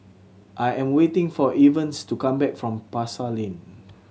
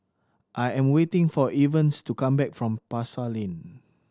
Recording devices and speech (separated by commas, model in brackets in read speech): mobile phone (Samsung C7100), standing microphone (AKG C214), read sentence